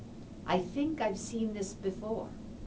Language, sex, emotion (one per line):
English
female
neutral